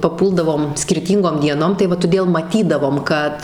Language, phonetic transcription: Lithuanian, paˈpūldavom skirˈtyngom dieˈnom tai ˈva toˈdėl maˈtydavom ˈkad

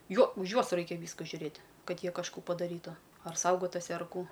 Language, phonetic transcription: Lithuanian, ˈjo už ˈjuos ˈraikia ˈvyska žiuˈrėt' ˈkad ˈjie kažˈkų padaˈrytu ar ˈsaugotusi ar ˈkų

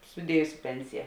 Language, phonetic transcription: Lithuanian, suˈdiejus ˈpensija

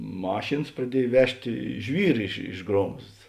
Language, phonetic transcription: Lithuanian, ˈmašėns praˈdiej ˈvežtė ˈžvyr iš iš ˈgromzds

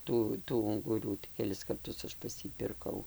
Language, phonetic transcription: Lithuanian, ˈtų tų unguˈrų keˈlis karˈtus ˈaš pas ˈjį pirˈkau

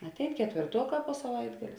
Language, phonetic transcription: Lithuanian, atˈein ketvėrˈtuoˌkā po saˈvaitgalė

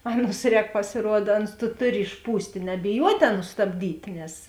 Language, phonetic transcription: Lithuanian, ˈaˌnus ˈrēk pasiˈruoda ˈaˌnus tu ˈtuˌri išˈpūstė nebiˈjuotė ˈaˌnus stabˈdytė nes

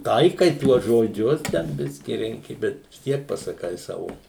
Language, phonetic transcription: Lithuanian, ˈtaikai ˈtuos žoˈdžius ˈten ˈbiski ˈrenki ˈbet vis ˈtiek pasaˈkai ˈsavo

